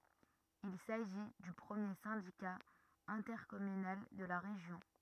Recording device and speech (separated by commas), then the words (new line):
rigid in-ear microphone, read sentence
Il s'agit du premier syndicat intercommunal de la région.